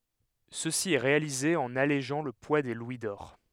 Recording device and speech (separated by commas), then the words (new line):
headset microphone, read sentence
Ceci est réalisé en allégeant le poids des louis d'or.